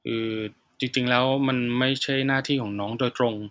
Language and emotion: Thai, frustrated